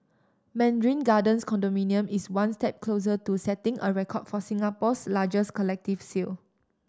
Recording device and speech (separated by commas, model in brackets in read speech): standing microphone (AKG C214), read sentence